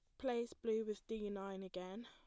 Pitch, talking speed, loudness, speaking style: 215 Hz, 195 wpm, -44 LUFS, plain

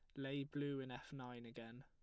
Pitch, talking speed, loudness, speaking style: 135 Hz, 220 wpm, -48 LUFS, plain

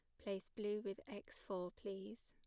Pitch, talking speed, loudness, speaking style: 200 Hz, 175 wpm, -48 LUFS, plain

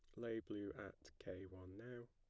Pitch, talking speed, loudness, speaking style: 105 Hz, 190 wpm, -52 LUFS, plain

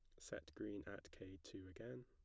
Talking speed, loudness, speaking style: 195 wpm, -54 LUFS, plain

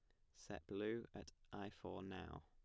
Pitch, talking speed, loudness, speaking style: 100 Hz, 170 wpm, -51 LUFS, plain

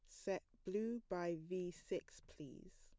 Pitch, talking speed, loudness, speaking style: 185 Hz, 140 wpm, -46 LUFS, plain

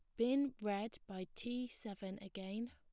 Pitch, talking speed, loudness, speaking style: 210 Hz, 145 wpm, -42 LUFS, plain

